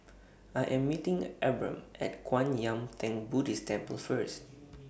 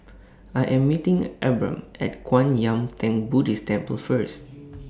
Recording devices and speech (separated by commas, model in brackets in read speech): boundary microphone (BM630), standing microphone (AKG C214), read sentence